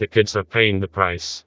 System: TTS, vocoder